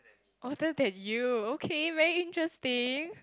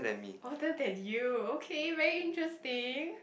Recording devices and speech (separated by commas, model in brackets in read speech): close-talking microphone, boundary microphone, conversation in the same room